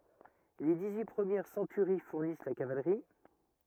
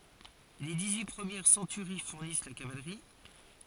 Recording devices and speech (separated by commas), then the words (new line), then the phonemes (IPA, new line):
rigid in-ear microphone, forehead accelerometer, read sentence
Les dix-huit premières centuries fournissent la cavalerie.
le diksyi pʁəmjɛʁ sɑ̃tyʁi fuʁnis la kavalʁi